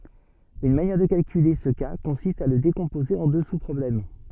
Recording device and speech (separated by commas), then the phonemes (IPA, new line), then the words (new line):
soft in-ear microphone, read sentence
yn manjɛʁ də kalkyle sə ka kɔ̃sist a lə dekɔ̃poze ɑ̃ dø suspʁɔblɛm
Une manière de calculer ce cas consiste à le décomposer en deux sous-problèmes.